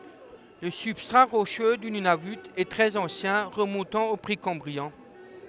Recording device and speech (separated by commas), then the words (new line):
headset microphone, read sentence
Le substrat rocheux du Nunavut est très ancien, remontant au précambrien.